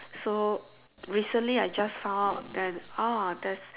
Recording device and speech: telephone, conversation in separate rooms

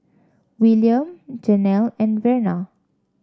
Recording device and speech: standing microphone (AKG C214), read sentence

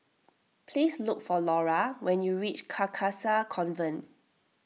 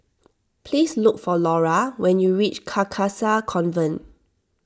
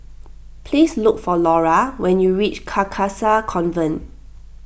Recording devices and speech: mobile phone (iPhone 6), standing microphone (AKG C214), boundary microphone (BM630), read sentence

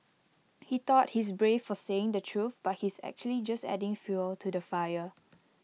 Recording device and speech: mobile phone (iPhone 6), read sentence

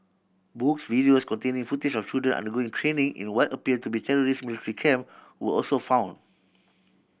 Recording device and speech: boundary microphone (BM630), read sentence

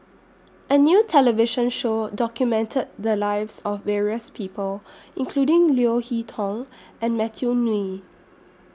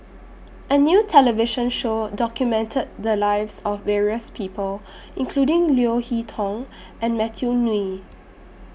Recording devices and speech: standing microphone (AKG C214), boundary microphone (BM630), read sentence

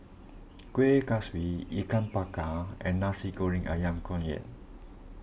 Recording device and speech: boundary microphone (BM630), read sentence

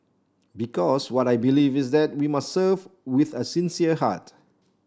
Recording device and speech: standing microphone (AKG C214), read sentence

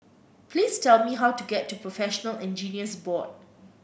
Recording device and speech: boundary microphone (BM630), read sentence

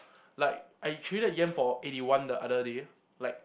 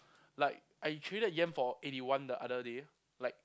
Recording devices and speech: boundary microphone, close-talking microphone, conversation in the same room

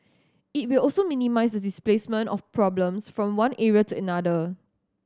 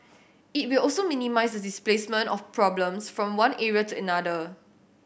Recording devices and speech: standing microphone (AKG C214), boundary microphone (BM630), read sentence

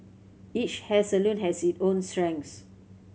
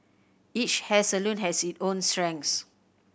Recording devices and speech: mobile phone (Samsung C7100), boundary microphone (BM630), read sentence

